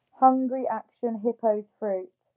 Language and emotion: English, fearful